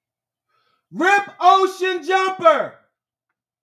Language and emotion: English, neutral